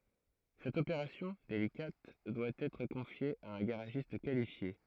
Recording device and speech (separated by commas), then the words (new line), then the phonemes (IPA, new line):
throat microphone, read sentence
Cette opération, délicate, doit être confiée à un garagiste qualifié.
sɛt opeʁasjɔ̃ delikat dwa ɛtʁ kɔ̃fje a œ̃ ɡaʁaʒist kalifje